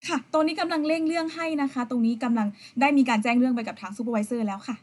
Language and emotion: Thai, neutral